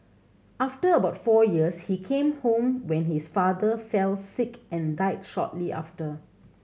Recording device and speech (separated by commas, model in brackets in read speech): mobile phone (Samsung C7100), read sentence